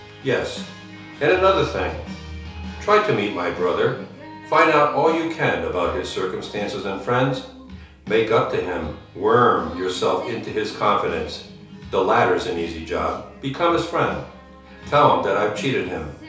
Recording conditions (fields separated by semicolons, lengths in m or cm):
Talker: one person; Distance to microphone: 3.0 m; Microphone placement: far; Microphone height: 1.8 m; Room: small (3.7 m by 2.7 m); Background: music